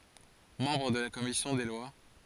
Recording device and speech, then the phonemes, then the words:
forehead accelerometer, read sentence
mɑ̃bʁ də la kɔmisjɔ̃ de lwa
Membre de la commission des lois.

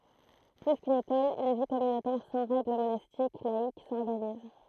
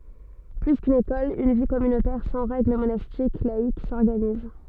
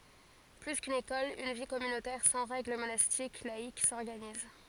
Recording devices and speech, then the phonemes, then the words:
throat microphone, soft in-ear microphone, forehead accelerometer, read sentence
ply kyn ekɔl yn vi kɔmynotɛʁ sɑ̃ ʁɛɡl monastik laik sɔʁɡaniz
Plus qu'une école, une vie communautaire sans règle monastique, laïque, s'organise.

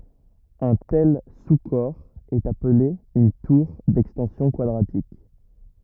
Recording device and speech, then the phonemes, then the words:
rigid in-ear microphone, read sentence
œ̃ tɛl su kɔʁ ɛt aple yn tuʁ dɛkstɑ̃sjɔ̃ kwadʁatik
Un tel sous-corps est appelé une tour d'extensions quadratiques.

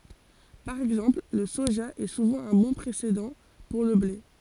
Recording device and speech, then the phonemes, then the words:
forehead accelerometer, read sentence
paʁ ɛɡzɑ̃pl lə soʒa ɛ suvɑ̃ œ̃ bɔ̃ pʁesedɑ̃ puʁ lə ble
Par exemple, le soja est souvent un bon précédent pour le blé.

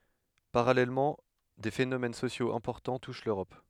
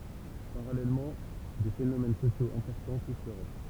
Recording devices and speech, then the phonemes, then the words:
headset microphone, temple vibration pickup, read sentence
paʁalɛlmɑ̃ de fenomɛn sosjoz ɛ̃pɔʁtɑ̃ tuʃ løʁɔp
Parallèlement, des phénomènes sociaux importants touchent l'Europe.

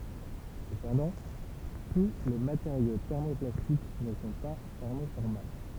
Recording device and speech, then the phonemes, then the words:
temple vibration pickup, read sentence
səpɑ̃dɑ̃ tu le mateʁjo tɛʁmoplastik nə sɔ̃ pa tɛʁmofɔʁmabl
Cependant, tous les matériaux thermoplastiques ne sont pas thermoformables.

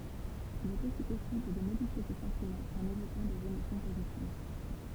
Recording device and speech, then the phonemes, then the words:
temple vibration pickup, read sentence
il ɛt osi pɔsibl də modifje se sɑ̃timɑ̃z ɑ̃n evokɑ̃ dez emosjɔ̃ pozitiv
Il est aussi possible de modifier ses sentiments en évoquant des émotions positives.

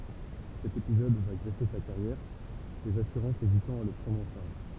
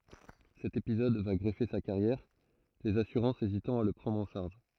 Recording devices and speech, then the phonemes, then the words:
temple vibration pickup, throat microphone, read sentence
sɛt epizɔd va ɡʁəve sa kaʁjɛʁ lez asyʁɑ̃sz ezitɑ̃ a la pʁɑ̃dʁ ɑ̃ ʃaʁʒ
Cet épisode va grever sa carrière, les assurances hésitant à la prendre en charge.

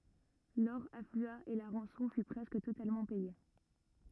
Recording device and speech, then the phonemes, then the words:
rigid in-ear microphone, read sentence
lɔʁ aflya e la ʁɑ̃sɔ̃ fy pʁɛskə totalmɑ̃ pɛje
L'or afflua et la rançon fut presque totalement payée.

